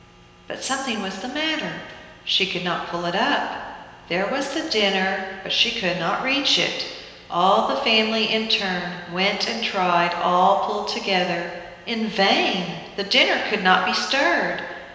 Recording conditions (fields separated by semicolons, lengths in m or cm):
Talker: one person; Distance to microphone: 1.7 m; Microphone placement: close; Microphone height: 1.0 m; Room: very reverberant, large; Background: none